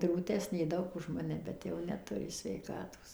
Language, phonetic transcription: Lithuanian, drūˈtesnė ˈdaug už ˈmane bet ˈjau neˈturi sveiˈkatos

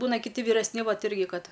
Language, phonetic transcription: Lithuanian, ˈbūna kiˈti vyresˈni ˈvat ˈirgi ˈkad

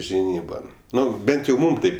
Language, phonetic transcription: Lithuanian, žiˈnyban ˈnu ˈbent jau ˈmūm ˈtaip

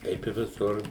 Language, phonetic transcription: Lithuanian, ˈkaip i viˈsur

